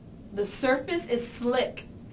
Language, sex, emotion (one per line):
English
female
fearful